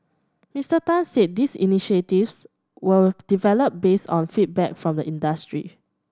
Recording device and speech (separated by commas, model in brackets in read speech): standing microphone (AKG C214), read sentence